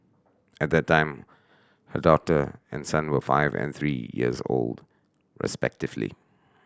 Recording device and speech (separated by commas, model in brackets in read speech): standing microphone (AKG C214), read sentence